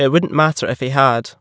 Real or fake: real